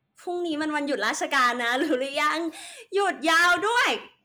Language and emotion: Thai, happy